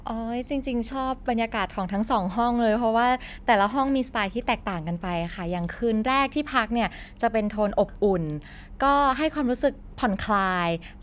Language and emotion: Thai, happy